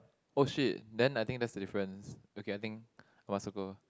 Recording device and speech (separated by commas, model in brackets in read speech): close-talking microphone, conversation in the same room